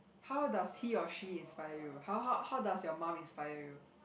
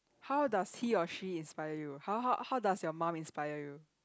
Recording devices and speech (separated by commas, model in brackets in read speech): boundary microphone, close-talking microphone, conversation in the same room